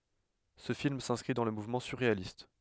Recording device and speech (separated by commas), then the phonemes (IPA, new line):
headset microphone, read sentence
sə film sɛ̃skʁi dɑ̃ lə muvmɑ̃ syʁʁealist